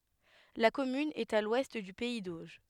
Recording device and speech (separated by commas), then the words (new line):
headset microphone, read sentence
La commune est à l'ouest du pays d'Auge.